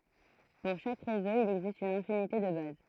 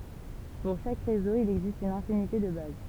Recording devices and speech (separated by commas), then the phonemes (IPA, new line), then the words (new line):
throat microphone, temple vibration pickup, read sentence
puʁ ʃak ʁezo il ɛɡzist yn ɛ̃finite də baz
Pour chaque réseau, il existe une infinité de bases.